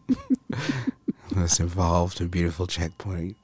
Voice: gravelly voice